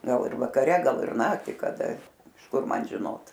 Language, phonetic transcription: Lithuanian, ˈgal ir vakaˈre ˈgal ir ˈnaktį kaˈda iš ˈkur ˈman žiˈnot

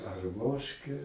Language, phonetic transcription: Lithuanian, arˈmoške

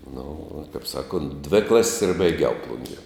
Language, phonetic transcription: Lithuanian, nu uo taip ˈsaˌkont dvi ˈklas's' ir baiˈgiau ˈplungie

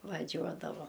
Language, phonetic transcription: Lithuanian, vaˈžiuodavo

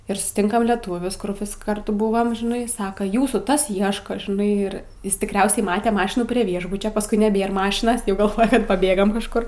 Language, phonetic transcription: Lithuanian, ir susˈtinkam leˈtūvius kur vis karˈtu ˈbuvam žiˈnai ˈsaka ˈjūsų ˈtas ˈieška žiˈnai ir ˈjis tikˈriausiai ˈmate ˈmašinų prie ˈviešbučio pasˈkui neˈbėr ˈmašinas ˈjau galˈvoja kad paˈbėgam kažˈkur

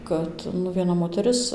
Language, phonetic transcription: Lithuanian, ˈkad nu vieˈna moteˈris

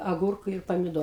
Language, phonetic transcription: Lithuanian, aˈgūrku ir pamiˈdo

